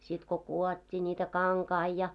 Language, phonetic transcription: Finnish, sit ko "kù₍ot́t́ii ńiitä "kaŋkai ja .
- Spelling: sitten kun kudottiin niitä kankaita ja

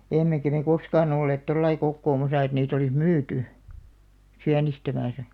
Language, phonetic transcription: Finnish, 'emmekä me 'koskaan ‿olleet 'tollai kokkoomasa et niit ‿olis "myyty , "siänistämäsä .
- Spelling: emmekä me koskaan olleet tuolla lailla kokoamassa että niitä olisi myyty sienestämässä

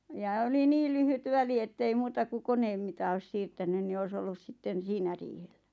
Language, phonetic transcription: Finnish, ja oli 'nii lyhyt 'väli ettei 'muuta ku 'koneem mita oⁱs 'siirtänyn ni 'ois ‿ollus 'sitten̬ "siinä riiheʟʟᴀ̈ .
- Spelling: ja oli niin lyhyt väli että ei muuta kuin koneen mitä olisi siirtänyt niin olisi ollut sitten siinä riihellä

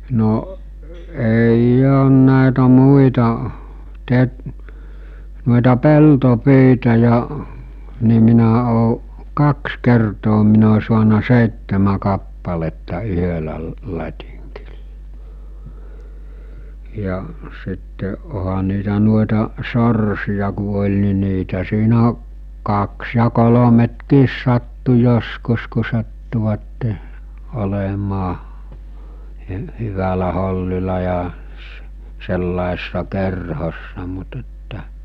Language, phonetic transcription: Finnish, 'no’ , ei'j ‿oon nä̀etä 'muita , te- , nu̬ita 'pelto'pyita ja , ni minä òo̭ , 'kaks 'kertoo min ‿o suana 'sèittemä 'kappaletta 'yhölä lə- , 'lat́iŋkɪʟʟᴀ , ja , sitte , oha niitä nuoeta , 'sorsija ku oĺ ni niitä siinä , 'kaks ja 'kolometkiis sattu joskus ku sattuvatte , olemaa , hy- , hyvälä hollila ja s- , sellaesᴇssa 'kerhossa mut että .
- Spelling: no ei ole näitä muita - noita peltopyitä ja niin minä olen kaksi kertaa minä olen saanut seitsemän kappaletta yhdellä - latingilla ja sitten onhan niitä noita sorsia kun oli niin niitä siinä kaksi ja kolmekin sattui joskus kun sattuivat olemaan - hyvällä hollilla ja - sellaisessa kerhossa mutta että

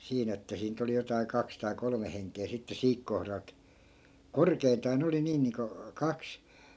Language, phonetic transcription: Finnish, 'siin ‿että 'siin̆ nyt ‿oli jotai̮ 'kaks tai 'kolome heŋk̆kee sitte "siik kohralt , "korkeintaa 'ne oli 'nii niiŋko , 'kaks .
- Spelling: siinä että siinä nyt oli jotakin kaksi tai kolme henkeä sitten siinä kohdalta korkeintaan ne oli niin niin kuin kaksi

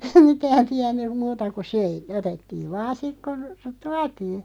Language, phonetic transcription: Finnish, mitään 'tiännyᵐ "muuta ku 'söi , 'otettiiv 'vaan̬ 'sik kon̬ , "tuatii .
- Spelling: mitään tiennyt muuta kuin söi otettiin vain sitten kun tuotiin

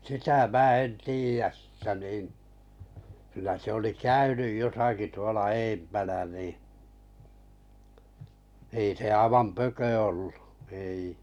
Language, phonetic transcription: Finnish, sitä 'mää sn 'tiijäs sʿⁱʾtä nìn , kylä se oli "käynyj 'josaki tuola 'eempänä nì , ei se 'aⁱvam "pökö ollu , ei .
- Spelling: sitä minä en tiedä sitä niin kyllä se oli käynyt jossakin tuolla edempänä niin ei se aivan pökö ollut ei

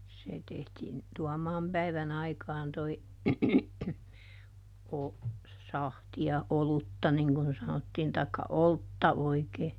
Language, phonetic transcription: Finnish, ˈse tehtiin , "Tuɔmaam päiväˈn ‿aikaan toi , o- , ˈsahti₍a - "olutta niŋ kun ˈsanottiin taikka "oltta ˈoikee .
- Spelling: se tehtiin Tuomaan päivä aikaan tuo - sahtia olutta niin kuin sanottiin tai oltta oikein

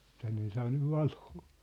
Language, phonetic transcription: Finnish, - 'tänne ei 'saa nyv "valoo .
- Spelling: tänne ei saa nyt valoa

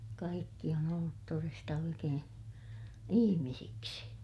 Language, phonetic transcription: Finnish, kaikki on ‿ollut toresta oikeè , ihimisiksi .
- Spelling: kaikki on ollut todesta oikein ihmisiksi

